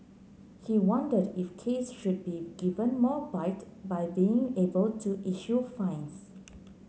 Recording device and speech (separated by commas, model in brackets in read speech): mobile phone (Samsung C9), read sentence